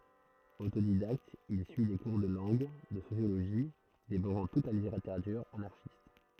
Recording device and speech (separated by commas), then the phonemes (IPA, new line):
throat microphone, read sentence
otodidakt il syi de kuʁ də lɑ̃ɡ də sosjoloʒi devoʁɑ̃ tut la liteʁatyʁ anaʁʃist